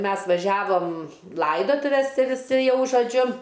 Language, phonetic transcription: Lithuanian, ˈmes vaˈžiavom ˈlaidotuves ˈti viˈsi ˈjau žoˈdžiu

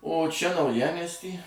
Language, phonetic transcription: Lithuanian, o ˈčia nauˈjamiesty

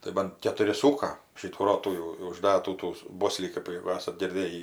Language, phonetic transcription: Lithuanian, tai ˈban ketuˈri ˈsūka ˈšytų ˈrotų jau jau užˈdatų tų ˈboslį ˈkɜp jegu ˈesat girˈdėjį

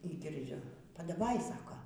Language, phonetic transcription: Lithuanian, y girˈdžiu padaˈvai ˈsako

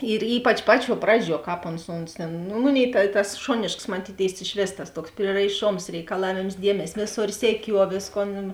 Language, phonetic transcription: Lithuanian, ir ˈypač ˈpaˌčiuo ˈpraˌdžiuo ˈkāp ons ˈons tėn nu ˈmuˌnėi ta tas ˈšonėšks maˈtytėis išˈvės tas ˈtuoks prieraiˈšoms reikaˈlavėms ˈdiemes' ˈvėˌsor seˈkiuo ˈvėsˌkon

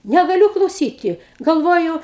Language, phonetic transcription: Lithuanian, negaˈliū klauˈsyti galˈvoju

